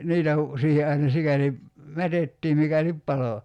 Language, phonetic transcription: Finnish, 'niitä (k)u , 'siihe aina 'sikäli , "mätettiim 'mikälip 'palo .
- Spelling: niitä kun siihen aina sikäli mätettiin mikäli paloi

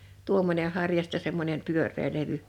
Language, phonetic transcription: Finnish, 'tuommońe 'harja[ja] sⁱttɛ semmońen , 'pyör̆ree 'levy .
- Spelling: tuommoinen harja ja sitten semmoinen pyöreä levy

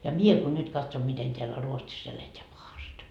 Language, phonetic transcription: Finnish, ja 'mie ko 'nyD katsom 'miten teällä 'Ruotsis ‿eleteä 'pahast .
- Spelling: ja minä kun nyt katson miten täällä Ruotsissa eletään pahasti

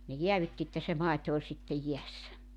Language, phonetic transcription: Finnish, ne 'jeävytti että se 'màito oĺ sittej 'jiässä .
- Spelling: ne jäädytti että se maito oli sitten jäässä

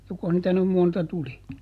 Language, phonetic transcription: Finnish, ˈjokoh niitä nym monta ˈtuli ?
- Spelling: jokos niitä nyt monta tuli

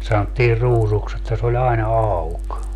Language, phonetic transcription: Finnish, sanottiir 'ruusuks ‿että se o'ĺ ‿aina "auk .
- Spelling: sanottiin ruusuksi että se oli aina auki

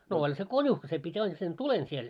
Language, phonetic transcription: Finnish, no oĺ se 'końuhkᵃ se pit́ ain sen "tulen siel .
- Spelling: no oli se konuhki se piti aina sen tulen siellä

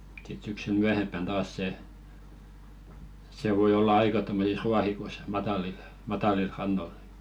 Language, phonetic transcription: Finnish, sit syksyl "myähemppän 'taas 'se , se voi 'olla "aika tommosis 'ruahikoⁱs "matalil , 'matàlil 'rannol .
- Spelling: sitten syksyllä myöhempään taas se se voi olla aika tuommoisissa ruohikoissa matalilla matalilla rannoilla

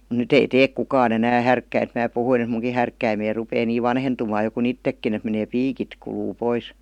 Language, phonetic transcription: Finnish, m̥ 'nyt ‿ei "teek 'kukaan ‿enää "härkkäint mää puhuin ‿ᵉt "muŋki härkkäimei 'rupee nii "vanhentumaa jo ku"n ‿ittekkin ‿et menee "piikit kuluu ''pois .
- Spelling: mutta nyt ei tee kukaan enää härkkäintä minä puhuin että minunkin härkkäimeni rupeaa niin vanhentumaan jo kuin itsekin että menee piikit kuluu pois

